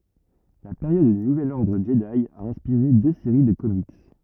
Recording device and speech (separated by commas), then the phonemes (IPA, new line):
rigid in-ear microphone, read sentence
la peʁjɔd dy nuvɛl ɔʁdʁ ʒədi a ɛ̃spiʁe dø seʁi də komik